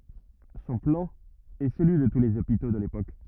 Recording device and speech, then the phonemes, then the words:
rigid in-ear microphone, read sentence
sɔ̃ plɑ̃ ɛ səlyi də tu lez opito də lepok
Son plan est celui de tous les hôpitaux de l’époque.

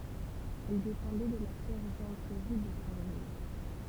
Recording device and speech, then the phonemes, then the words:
temple vibration pickup, read sentence
ɛl depɑ̃dɛ də la sɛʁʒɑ̃tʁi də sɛ̃ lo
Elle dépendait de la sergenterie de Saint-Lô.

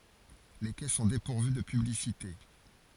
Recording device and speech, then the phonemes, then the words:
forehead accelerometer, read sentence
le kɛ sɔ̃ depuʁvy də pyblisite
Les quais sont dépourvus de publicités.

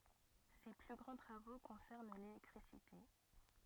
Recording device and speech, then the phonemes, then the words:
rigid in-ear microphone, read sentence
se ply ɡʁɑ̃ tʁavo kɔ̃sɛʁn lelɛktʁisite
Ses plus grands travaux concernent l'électricité.

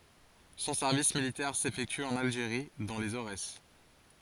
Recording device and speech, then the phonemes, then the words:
forehead accelerometer, read sentence
sɔ̃ sɛʁvis militɛʁ sefɛkty ɑ̃n alʒeʁi dɑ̃ lez oʁɛs
Son service militaire s'effectue en Algérie, dans les Aurès.

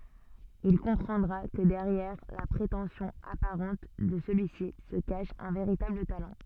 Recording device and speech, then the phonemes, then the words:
soft in-ear microphone, read sentence
il kɔ̃pʁɑ̃dʁa kə dɛʁjɛʁ la pʁetɑ̃sjɔ̃ apaʁɑ̃t də səlyi si sə kaʃ œ̃ veʁitabl talɑ̃
Il comprendra que derrière la prétention apparente de celui-ci se cache un véritable talent.

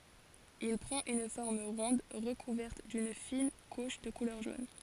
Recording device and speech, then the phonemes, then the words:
forehead accelerometer, read sentence
il pʁɑ̃t yn fɔʁm ʁɔ̃d ʁəkuvɛʁt dyn fin kuʃ də kulœʁ ʒon
Il prend une forme ronde recouverte d'une fine couche de couleur jaune.

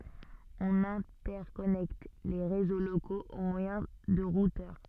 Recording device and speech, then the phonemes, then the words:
soft in-ear microphone, read sentence
ɔ̃n ɛ̃tɛʁkɔnɛkt le ʁezo lokoz o mwajɛ̃ də ʁutœʁ
On interconnecte les réseaux locaux au moyen de routeurs.

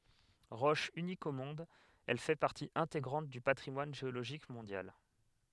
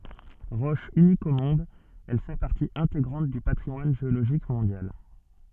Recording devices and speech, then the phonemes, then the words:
headset microphone, soft in-ear microphone, read sentence
ʁɔʃ ynik o mɔ̃d ɛl fɛ paʁti ɛ̃teɡʁɑ̃t dy patʁimwan ʒeoloʒik mɔ̃djal
Roche unique au monde, elle fait partie intégrante du patrimoine géologique mondial.

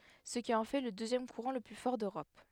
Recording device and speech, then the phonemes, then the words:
headset microphone, read sentence
sə ki ɑ̃ fɛ lə døzjɛm kuʁɑ̃ lə ply fɔʁ døʁɔp
Ce qui en fait le deuxième courant le plus fort d'Europe.

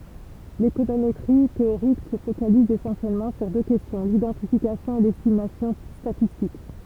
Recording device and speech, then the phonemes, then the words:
temple vibration pickup, read sentence
lekonometʁi teoʁik sə fokaliz esɑ̃sjɛlmɑ̃ syʁ dø kɛstjɔ̃ lidɑ̃tifikasjɔ̃ e lɛstimasjɔ̃ statistik
L'économétrie théorique se focalise essentiellement sur deux questions, l'identification et l'estimation statistique.

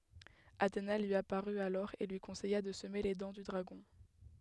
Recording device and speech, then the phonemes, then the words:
headset microphone, read sentence
atena lyi apaʁy alɔʁ e lyi kɔ̃sɛja də səme le dɑ̃ dy dʁaɡɔ̃
Athéna lui apparut alors et lui conseilla de semer les dents du dragon.

